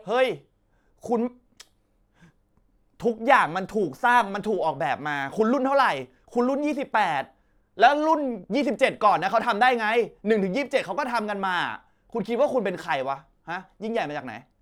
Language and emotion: Thai, angry